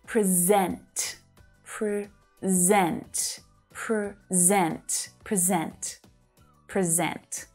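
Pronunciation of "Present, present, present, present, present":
'Present' is said as the verb, with the stress on the second syllable each time.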